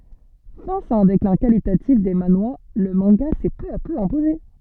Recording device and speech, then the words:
soft in-ear microphone, read sentence
Face à un déclin qualitatif des manhwas, le manga s'est peu à peu imposé.

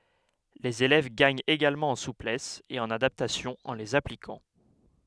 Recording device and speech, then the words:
headset microphone, read sentence
Les élèves gagnent également en souplesse et en adaptation en les appliquant.

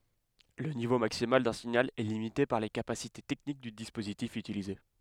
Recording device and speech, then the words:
headset microphone, read sentence
Le niveau maximal d'un signal est limité par les capacités techniques du dispositif utilisé.

